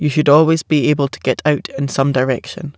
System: none